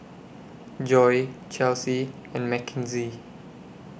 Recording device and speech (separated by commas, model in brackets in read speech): boundary microphone (BM630), read sentence